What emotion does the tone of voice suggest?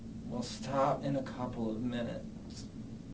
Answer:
disgusted